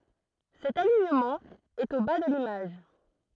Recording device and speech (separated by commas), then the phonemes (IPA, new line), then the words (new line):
throat microphone, read sentence
sɛt aliɲəmɑ̃ ɛt o ba də limaʒ
Cet alignement est au bas de l'image.